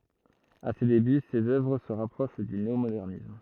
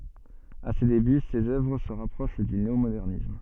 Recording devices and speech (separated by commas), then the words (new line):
throat microphone, soft in-ear microphone, read sentence
À ses débuts, ses œuvres se rapprochent du néomodernisme.